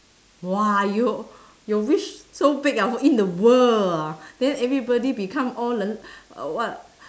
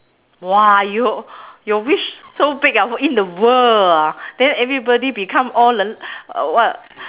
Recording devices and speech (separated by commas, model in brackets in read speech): standing microphone, telephone, conversation in separate rooms